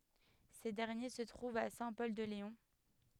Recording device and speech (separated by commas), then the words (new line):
headset microphone, read sentence
Ces derniers se trouvent à Saint-Pol-de-Léon.